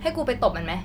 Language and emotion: Thai, angry